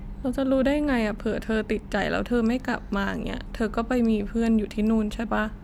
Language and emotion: Thai, sad